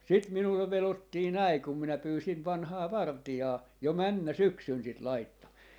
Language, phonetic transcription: Finnish, 'sit 'minullev 'velottii "näi kum 'minä 'pyysin 'vanhaa "varti₍aa , 'jo "männä "syksyn sit 'laittaa .
- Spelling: sitten minulle vedottiin näin kun minä pyysin vanhaa vartijaa jo menneenä syksynä sitä laittamaan

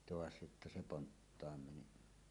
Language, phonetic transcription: Finnish, 'toas jotta se "ponttaam 'meni .
- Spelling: taas jotta se ponttaan meni

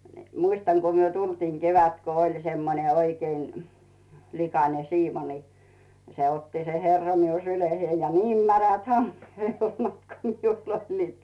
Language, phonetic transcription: Finnish, ɴɪ , 'muistaŋ ku 'myö "tultiiŋ 'kevät ko oĺ semmone 'oikeiⁿ , 'likanen̬ "siimo ni , 'se otti se "herra miu 'syleheij ja "niim 'märät "hammee 'helmat ko 'miul ‿oĺliit .
- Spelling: niin muistan kun me tulimme kevät kun oli semmoinen oikein likainen siimo niin se otti se herra minun syliinsä ja niin märät hameen helmat kun minulla oli

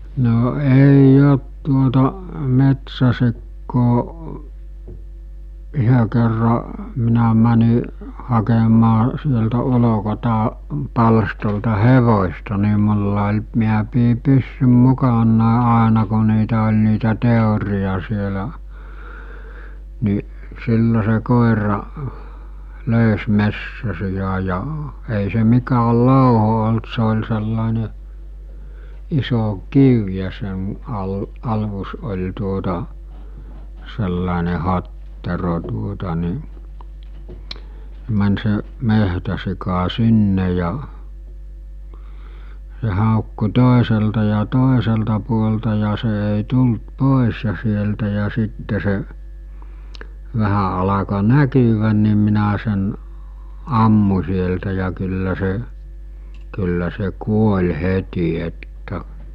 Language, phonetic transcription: Finnish, no 'ei'j ‿ot tuota , 'metsäsikkoo , 'yhö kerra , minä mäni , hakemaa sieltä 'ulokota- , 'palstolta "hevośta ni mulla oĺ , miä pii 'pyssym 'mukannàe 'àena ko niitä oĺ niitä 'tèoriʲa sielä , ni , 'sillo se 'kòera , 'lö̀ys 'messäsija ja , ei se 'mikääl "lòuho olt se ol̜ sellàene , 'iso "kiẅ ja sen , al- , 'alus oĺ tuota , sellàene 'hattero tuota ni , (s̬e) män se , 'mehtäsika "sinne ja , s̬e hàokku 'tòeselta ja 'tòeselta puolta ja se èi 'tult "pòes ja sieltä ja 'sitte se , 'vähä alako "näkyvän̆ ni minä sen , 'ammu͕ sieltä ja kyllä se , kyllä se 'kuoĺ 'heti että ,.
- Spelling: no ei ole tuota metsäsikaa yhden kerran minä menin hakemaan sieltä - palstalta hevosta niin minulla oli minä pidin pyssyn mukanani aina kun niitä oli niitä teeriä siellä niin silloin se koira löysi metsäsian ja ei se mikään louho ollut se oli sellainen iso kivi ja sen - alus oli tuota sellainen hattero tuota niin se meni se metsäsika sinne ja se haukkui toiselta ja toiselta puolelta ja se ei tullut pois ja sieltä ja sitten se vähän alkoi näkyä niin minä sen ammuin sieltä ja kyllä se kyllä se kuoli heti että

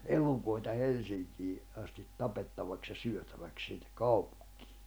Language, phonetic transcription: Finnish, 'elukoita 'Helsiŋkii , astit 'tapettavaks ja syötäväk sinnek̆ 'kaupᴜᴎkɪɪ .
- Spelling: elukoita Helsinkiin asti tapettavaksi ja syötäväksi sinne kaupunkiin

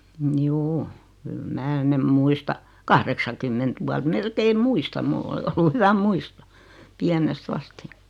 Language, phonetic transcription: Finnish, 'mjuu , kyl 'mää "nem 'muista , 'kahreksakymment vuat 'melkeim "muistam 'mull ‿ol(i) ollu 'hyvä "muisto , 'piänest ‿asti .
- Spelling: juu kyllä minä ne muistan kahdeksankymmentä vuotta melkein muistan minulla oli ollut hyvä muisto pienestä asti

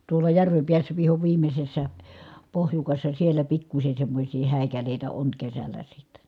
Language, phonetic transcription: Finnish, tuola järvem piässä viho viimmessä , pohjukassa sielä pikkuśe semmośii hä̀i̮kälèitä oŋ kesällä sitten̬ .
- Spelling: tuolla järven päässä viho viimeisessä pohjukassa siellä pikkuisen semmoisia häikäleitä on kesällä sitten

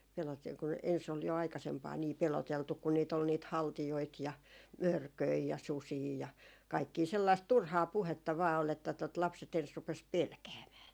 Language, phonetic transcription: Finnish, pelote- , kun ens ol jo 'aikasempaa nii "peloteltuk kun niit ‿ol niit "haltijoit ja "mörköi ja "susii ja , 'kaikkii 'sellaist "turhaa 'puhetta vaa ol että tot 'lapset ‿ens 'rupes "pelkäämää .
- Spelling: - kun ensin oli jo aikaisempaan niin peloteltu kun niitä oli niitä haltijoita ja mörköjä ja susia ja kaikkia sellaista turhaa puhetta vain oli että tuota lapset ensin rupesi pelkäämään

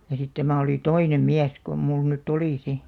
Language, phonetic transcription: Finnish, ja sit 'tämä̀ oli "toinem 'miäs kom 'mul nyt"t ‿olì 'si .
- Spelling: ja sitten tämä oli toinen mies kuin minulla nyt oli sitten

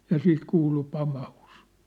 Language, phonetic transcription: Finnish, ja 'sit 'kuulu 'pamahus .
- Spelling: ja sitten kuului pamaus

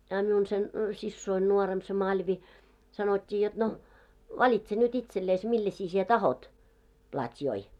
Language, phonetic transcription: Finnish, a 'miun sen , 'sissoin nuoremp se 'Maĺvi , sanot́t́ii jot no , » "valitse nyt 'itselleis 'millɛsi sie "tahot , plat́joi « .
- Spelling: a minun sen siskoni nuorempi se Malvi sanottiin jotta no valitse nyt itsellesi millaisen sinä tahdot platjoja

